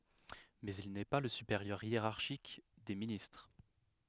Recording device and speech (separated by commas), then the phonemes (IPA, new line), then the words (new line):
headset microphone, read sentence
mɛz il nɛ pa lə sypeʁjœʁ jeʁaʁʃik de ministʁ
Mais il n'est pas le supérieur hiérarchique des ministres.